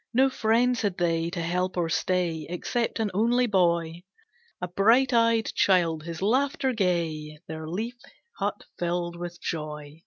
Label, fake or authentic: authentic